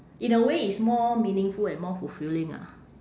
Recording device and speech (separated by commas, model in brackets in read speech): standing microphone, conversation in separate rooms